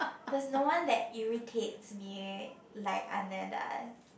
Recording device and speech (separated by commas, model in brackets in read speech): boundary microphone, conversation in the same room